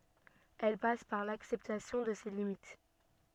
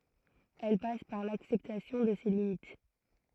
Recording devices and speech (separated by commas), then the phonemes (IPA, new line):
soft in-ear microphone, throat microphone, read sentence
ɛl pas paʁ laksɛptasjɔ̃ də se limit